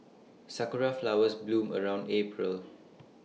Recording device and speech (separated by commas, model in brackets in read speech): mobile phone (iPhone 6), read sentence